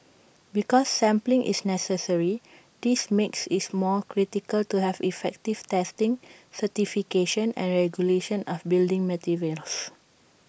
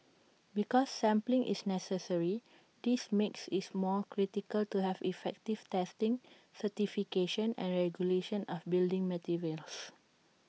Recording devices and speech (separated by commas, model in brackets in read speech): boundary microphone (BM630), mobile phone (iPhone 6), read sentence